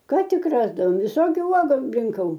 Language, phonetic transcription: Lithuanian, ˈką ˈtik rasdavom viˈsokiu ˈuogu rinˈkau

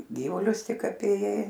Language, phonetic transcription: Lithuanian, ˈgyvulius ˈtik apėˈjai

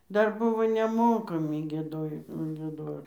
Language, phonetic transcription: Lithuanian, ˈdar ˈbuvo neˈmokami gieˈdojo gieˈdor

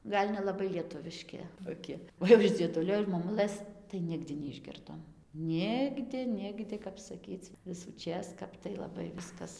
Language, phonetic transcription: Lithuanian, ˈgal' nelaˈbai lieˈtuviški toˈki o jau iš ˈdzieˈdulio iš moˈmulɘs tai ˈnigdi neišˈgirdom ˈnigdi ˈnigdi kap saˈkyc visųˈčės ˈkap tai laˈbai ˈviskas

